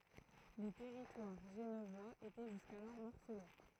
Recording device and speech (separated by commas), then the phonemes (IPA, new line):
throat microphone, read sentence
lə tɛʁitwaʁ ʒənvwaz etɛ ʒyskalɔʁ mɔʁsəle